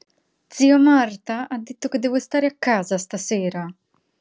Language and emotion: Italian, angry